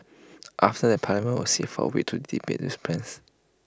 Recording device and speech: close-talking microphone (WH20), read sentence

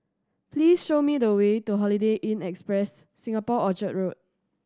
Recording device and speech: standing microphone (AKG C214), read sentence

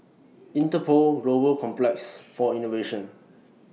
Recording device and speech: mobile phone (iPhone 6), read sentence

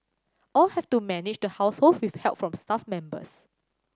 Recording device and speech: standing microphone (AKG C214), read sentence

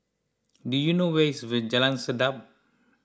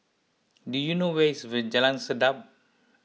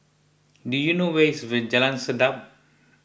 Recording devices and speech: close-talking microphone (WH20), mobile phone (iPhone 6), boundary microphone (BM630), read sentence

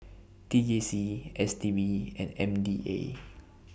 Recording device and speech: boundary microphone (BM630), read sentence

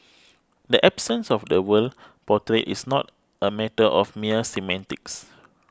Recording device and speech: close-talking microphone (WH20), read sentence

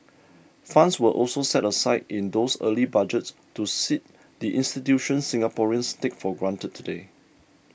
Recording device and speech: boundary microphone (BM630), read sentence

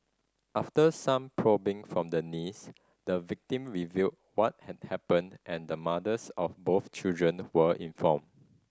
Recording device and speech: standing microphone (AKG C214), read sentence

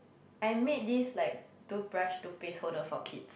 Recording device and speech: boundary microphone, conversation in the same room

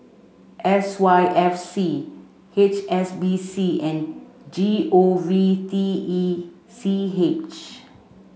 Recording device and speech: mobile phone (Samsung C5), read sentence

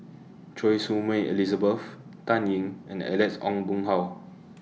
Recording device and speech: mobile phone (iPhone 6), read sentence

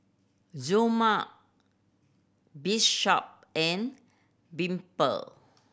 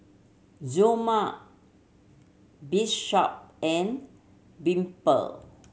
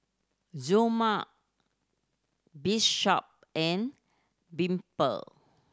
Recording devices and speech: boundary microphone (BM630), mobile phone (Samsung C7100), standing microphone (AKG C214), read sentence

